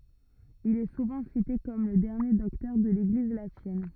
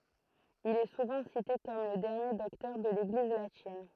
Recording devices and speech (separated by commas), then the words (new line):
rigid in-ear microphone, throat microphone, read sentence
Il est souvent cité comme le dernier docteur de l'Église latine.